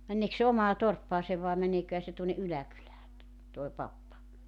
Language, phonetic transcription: Finnish, 'männeeks se 'omaa 'torppaasev vae 'mäneeköhä se tuonne '’yläkylää , toe 'pappa .
- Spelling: meneekös se omaan torppaansa vai meneeköhän se tuonne yläkylään tuo pappa

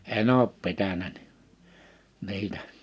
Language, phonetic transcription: Finnish, en ‿oop 'pitänä ɴɪ , 'niitä .
- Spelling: en ole pitänyt niin niitä

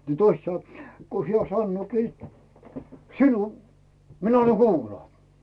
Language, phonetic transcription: Finnish, ni "toist 'sanᵒ , ko 'hiä sannooki , » "sinu , 'minä anna "kuulaa « .
- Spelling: niin toiset sanoo kun hän sanookin sinulle minä anna kuulaa

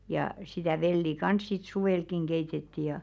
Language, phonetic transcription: Finnish, jà sitä̀ 'velli "kans sit 'suwelkiŋ keitetti ja .
- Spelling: ja sitä vellin kanssa sitten suvellakin keitettiin ja

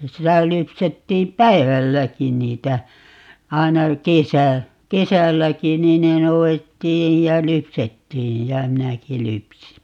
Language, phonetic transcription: Finnish, 'sitä 'lypsettiim "p̀äivälläkin niitä , 'aina "kesä , "kesälläki 'nii ne 'nou₍ettiij ja "lypsettiij jä "minäki 'lypsi .
- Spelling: sitä lypsettiin päivälläkin niitä aina kesä kesälläkin niin ne noudettiin ja lypsettiin ja minäkin lypsin

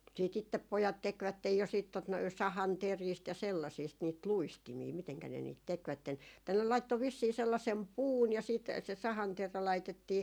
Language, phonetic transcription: Finnish, siit ‿ittep 'pojat "tekvättej jo siit tot noi , 'sahan"teriist ja 'sellaisiist niit "luistimii miteŋkä ne niit 'tekvätten , tai ne 'laitto 'vissii 'sellasem "puun ja siit , se 'sahanterä 'laitettii ,.
- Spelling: sitten itse pojat tekivät jo sitten tuota noin sahanteristä ja sellaisista niitä luistimia miten ne niitä tekivät tai ne laittoi vissiin sellaisen puun ja sitten se sahanterä laitettiin

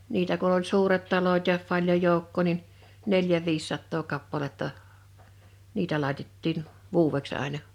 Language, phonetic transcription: Finnish, 'niitä kuⁿ oĺ 'suuret 'taloⁱt ja , 'paĺjoj̆ 'jòukkò nin , 'neljä 'viissattoo 'kappaletta , 'niitä làitettìn , "vuuweks àena .
- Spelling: niitä kun oli suuret talot ja paljon joukkoa niin neljä viisisataa kappaletta niitä laitettiin vuodeksi aina

